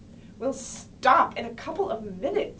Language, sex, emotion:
English, female, angry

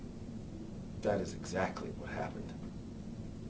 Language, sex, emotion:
English, male, neutral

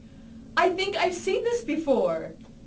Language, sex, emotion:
English, female, happy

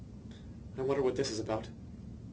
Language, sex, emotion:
English, male, fearful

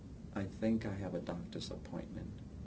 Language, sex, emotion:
English, male, neutral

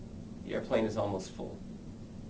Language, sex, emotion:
English, male, neutral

